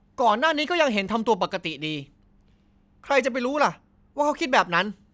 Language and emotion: Thai, angry